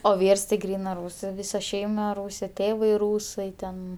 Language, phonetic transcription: Lithuanian, o ˈvyrs ti ˈgrynɜ ˈrūsɜ ˈvysa ˈšeima ˈrūsė ˈtėvai ˈrūsai ten

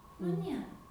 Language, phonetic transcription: Lithuanian, nu ˈniera

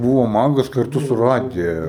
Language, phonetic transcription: Lithuanian, ˈbūvo ˈmagas karˈtu su ˈradija

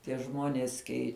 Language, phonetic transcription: Lithuanian, tie ˈžmuonies ˈkei

